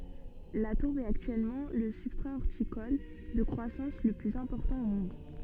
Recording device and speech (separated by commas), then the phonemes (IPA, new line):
soft in-ear microphone, read sentence
la tuʁb ɛt aktyɛlmɑ̃ lə sybstʁa ɔʁtikɔl də kʁwasɑ̃s lə plyz ɛ̃pɔʁtɑ̃ o mɔ̃d